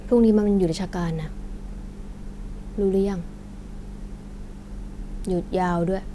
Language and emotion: Thai, frustrated